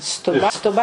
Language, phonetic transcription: Lithuanian, stuˈba stuˈba

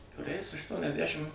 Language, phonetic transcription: Lithuanian, kuˈriais aštuoniasˈdæšim

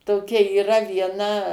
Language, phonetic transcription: Lithuanian, toˈkia yˈra vieˈna

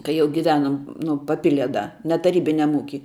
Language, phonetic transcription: Lithuanian, kai ˈjau giˈvenom ˈnu paˈpilie ˈda ne taˈrybiniam ˈūky

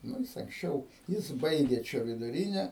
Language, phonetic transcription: Lithuanian, ˈnu jis anksˈčiau ˈjis ˈbaigė ˈčia viduˈryne

